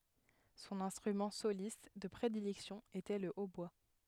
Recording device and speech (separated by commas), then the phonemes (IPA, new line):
headset microphone, read sentence
sɔ̃n ɛ̃stʁymɑ̃ solist də pʁedilɛksjɔ̃ etɛ lə otbwa